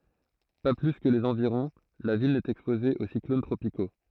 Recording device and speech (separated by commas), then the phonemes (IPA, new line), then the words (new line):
throat microphone, read sentence
pa ply kə lez ɑ̃viʁɔ̃ la vil nɛt ɛkspoze o siklon tʁopiko
Pas plus que les environs, la ville n'est exposée aux cyclones tropicaux.